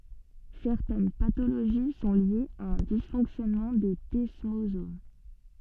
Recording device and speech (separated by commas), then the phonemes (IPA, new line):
soft in-ear microphone, read sentence
sɛʁtɛn patoloʒi sɔ̃ ljez a œ̃ disfɔ̃ksjɔnmɑ̃ de dɛsmozom